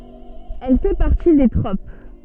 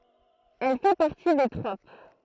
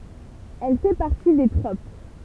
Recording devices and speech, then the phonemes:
soft in-ear microphone, throat microphone, temple vibration pickup, read sentence
ɛl fɛ paʁti de tʁop

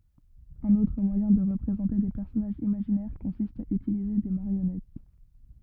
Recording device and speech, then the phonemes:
rigid in-ear microphone, read sentence
œ̃n otʁ mwajɛ̃ də ʁəpʁezɑ̃te de pɛʁsɔnaʒz imaʒinɛʁ kɔ̃sist a ytilize de maʁjɔnɛt

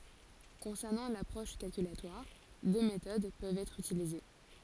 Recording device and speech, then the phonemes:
forehead accelerometer, read sentence
kɔ̃sɛʁnɑ̃ lapʁɔʃ kalkylatwaʁ dø metod pøvt ɛtʁ ytilize

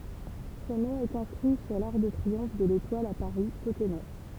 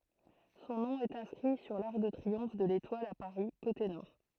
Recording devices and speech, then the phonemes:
temple vibration pickup, throat microphone, read sentence
sɔ̃ nɔ̃ ɛt ɛ̃skʁi syʁ laʁk də tʁiɔ̃f də letwal a paʁi kote nɔʁ

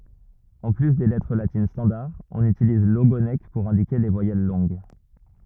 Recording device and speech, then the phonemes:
rigid in-ear microphone, read sentence
ɑ̃ ply de lɛtʁ latin stɑ̃daʁ ɔ̃n ytiliz loɡonk puʁ ɛ̃dike le vwajɛl lɔ̃ɡ

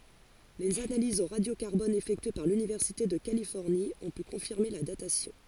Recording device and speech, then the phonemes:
forehead accelerometer, read sentence
lez analizz o ʁadjo kaʁbɔn efɛktye paʁ lynivɛʁsite də kalifɔʁni ɔ̃ py kɔ̃fiʁme la datasjɔ̃

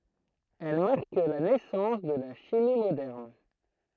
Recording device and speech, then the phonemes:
throat microphone, read sentence
ɛl maʁk la nɛsɑ̃s də la ʃimi modɛʁn

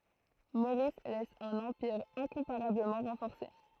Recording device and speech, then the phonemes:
throat microphone, read sentence
moʁis lɛs œ̃n ɑ̃piʁ ɛ̃kɔ̃paʁabləmɑ̃ ʁɑ̃fɔʁse

